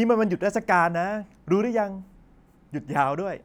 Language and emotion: Thai, happy